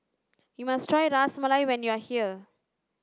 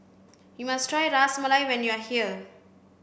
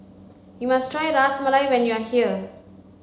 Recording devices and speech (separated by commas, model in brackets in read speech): standing microphone (AKG C214), boundary microphone (BM630), mobile phone (Samsung C5), read sentence